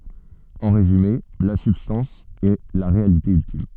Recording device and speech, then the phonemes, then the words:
soft in-ear microphone, read sentence
ɑ̃ ʁezyme la sybstɑ̃s ɛ la ʁealite yltim
En résumé, la substance est la réalité ultime.

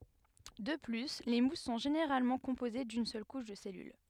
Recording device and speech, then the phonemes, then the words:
headset microphone, read sentence
də ply le mus sɔ̃ ʒeneʁalmɑ̃ kɔ̃poze dyn sœl kuʃ də sɛlyl
De plus, les mousses sont généralement composées d'une seule couche de cellule.

